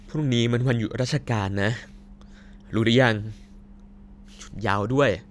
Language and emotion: Thai, frustrated